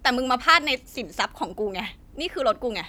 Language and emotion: Thai, angry